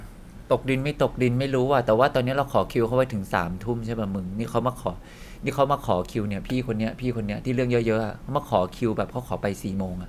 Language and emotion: Thai, frustrated